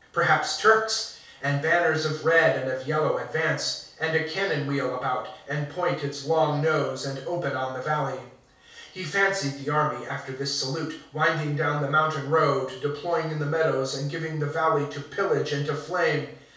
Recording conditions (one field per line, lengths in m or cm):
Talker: one person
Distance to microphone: 3.0 m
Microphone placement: far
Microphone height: 1.8 m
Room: small (3.7 m by 2.7 m)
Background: none